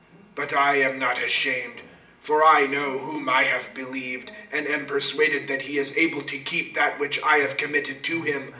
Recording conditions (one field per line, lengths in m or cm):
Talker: one person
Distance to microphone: 1.8 m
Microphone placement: close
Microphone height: 1.0 m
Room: large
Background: television